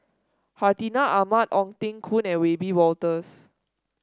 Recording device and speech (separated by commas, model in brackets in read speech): standing microphone (AKG C214), read sentence